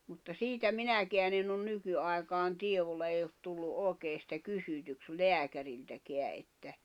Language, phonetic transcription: Finnish, mutta 'siitä "minäkeän ‿enn ‿on 'nykyai̬kaan 'tievolla ei ot tullu '’òekee sⁱtä 'kysytyks "leäkäriltäkeä ’että ...
- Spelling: mutta siitä minäkään en ole nykyaikaan tiedolla ei ole tullut oikein sitä kysytyksi lääkäriltäkään että

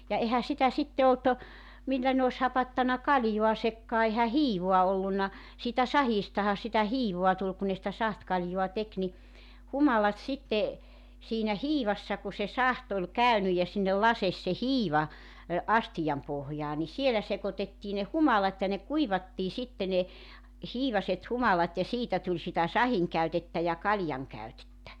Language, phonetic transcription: Finnish, ja 'ehä 'sitä 'sitte olt , 'millä ne os 'hapattana "kaljuasekkaa ehä "hiivoa 'ollunna , siitä 'sahiistaha sitä 'hiivoa tul ku ne sⁱtä 'sahtkaljua 'tek ni , 'humalat 'sitte , siinä 'hiivassa ku se 'saht ‿ol "käynyj ja sinnel 'lases se "hiiva , 'astijam pohjaa ni 'sielä sekotettii ne 'humalat ja ne 'kuivattii 'sitte ne , 'hiivaset 'humalat ja 'siitä tuĺ sitä 'sahiŋkäytettä ja 'kaljaŋkäytettä .
- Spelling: ja eihän sitä sitten ollut millä ne olisi hapattanut kaljaansakaan eihän hiivaa ollut siitä sahdistahan sitä hiivaa tuli kun ne sitä sahtikaljaa teki niin humalat sitten siinä hiivassa kun se sahti oli käynyt ja sinne laski se hiiva astian pohjaan niin siellä sekoitettiin ne humalat ja ne kuivattiin sitten ne hiivaiset humalat ja siitä tuli sitä sahdinkäytettä ja kaljankäytettä

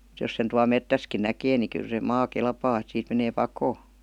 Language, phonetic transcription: Finnish, [Mu]t jos sen tual "mettäskin 'näkee ni 'kyl se "maa "kelpaa et siit menee "pakoo .
- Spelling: mutta jos sen tuolla metsässäkin näkee niin kyllä se maa kelpaa että siitä menee pakoon

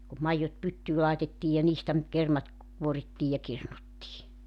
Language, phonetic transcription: Finnish, kum 'maijjot 'pyttyy làetettiij ja 'niistä nyt 'kermat , 'kuorittii ja 'kirnuttii .
- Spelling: kun maidot pyttyyn laitettiin ja niistä nyt kermat kuorittiin ja kirnuttiin

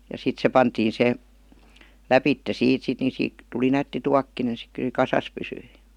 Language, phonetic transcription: Finnish, ja 'sit se 'pantiin 'se , "läpitte 'siit sit ni 'siik§ , tuli 'nätti "tuakkine si ky(l) se "kasas pysyi .
- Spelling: ja sitten se pantiin se lävitse siitä sitten niin siitä tuli nätti tuokkonen sitten kyllä se kasassa pysyi

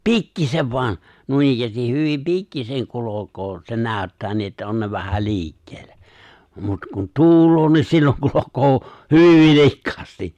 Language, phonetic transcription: Finnish, pikkisev voan , 'nuinikkäästih 'hyvim "pikkiseŋ 'kulo̭koo , se 'nä̀yttää nii ’että 'on ne vähä 'li̬ikkeel̆lᴀ̈ , mut kun 'tuul̀oo niin silloŋ 'kulokoo , "hyyviv 'vilikkaasti .
- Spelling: pikkuisen vain noinikään hyvin pikkuisen kulkee se näyttää niin että on ne vähän liikkeellä mutta kun tuulee niin silloin kulkee hyvin vilkkaasti

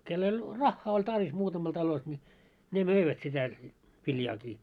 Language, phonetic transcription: Finnish, kell ‿oĺ , "raχχaa oĺ tarvis 'muutamal 'talos ńi , 'ne "möivät sitä , 'viljaakii .
- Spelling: kenellä oli rahaa oli tarve muutamalla talossa niin ne möivät sitä viljaakin

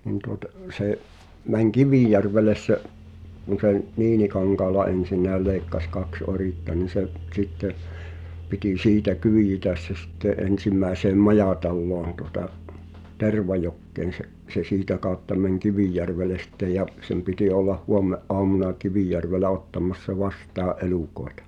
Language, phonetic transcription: Finnish, nin tuotᵃ , 'sè’ , 'mäŋ̳ "Kivìjärvelles se’ , (kun se n-) , 'Niinikaŋkaal̆la '’ensin̆nääl lèi̬kkas kaks "oritta ni se’ , ᵗsitte , piti 'siitä "kyijitäs se sitte '’ensim̆mä̀i̬seem "majàtalloon tuŏta , "Tervajokkeen̬ se’ , se 'siitä kàotta mäŋ̳ "Kivìjärveles sⁱtte ja , sem piti ollah 'huomme’’oamuna 'Kivìjärvelä ottam̳̆m̳assa 'vastaa’ "’elùkoetᴀ .
- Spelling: niin tuota se meni Kivijärvelle se kun se - Niinikankaalla ensinnäkin leikkasi kaksi oritta niin se sitten piti siitä kyyditä se sitten ensimmäiseen majataloon tuota Tervajokeen se se siitä kautta meni Kivijärvelle sitten ja sen piti olla huomenaamuna Kivijärvellä ottamassa vastaan elukoita

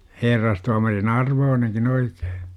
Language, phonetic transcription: Finnish, 'herrastuamarin "arvooneŋkin 'oikEE !
- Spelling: herrastuomarin arvoinenkin oikein

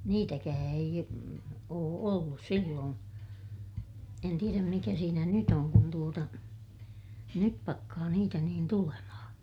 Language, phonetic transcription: Finnish, niitäkää ei , oo ollus silloon , en tieräm mikä siinä nyt ‿oŋ kun tuota , nyp pakkaa niitä niin tulemahaa̰ .
- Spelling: niitäkään ei ole ollut silloin en tiedä mikä siinä nyt on kun tuota nyt pakkaa niitä niin tulemaan

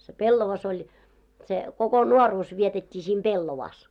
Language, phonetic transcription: Finnish, se "pellova's ‿oĺ , se , koko 'nuoruus vietet́t́i sim "ʙellovaas .
- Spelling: se pellava oli se koko nuoruus vietettiin sitten pellavassa

